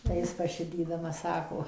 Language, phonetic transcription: Lithuanian, tai ˈjis paˈšidydamas ˈsako

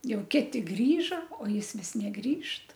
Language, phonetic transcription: Lithuanian, ˈjau ˈkiti ˈgrįža o ˈjis ˈvis neˈgrįžt

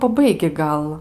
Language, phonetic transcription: Lithuanian, paˈbaigi ˈgal

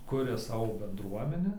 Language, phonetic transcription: Lithuanian, ˈkuria ˈsavo bendˈruomenę

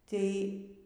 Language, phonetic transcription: Lithuanian, ˈtei

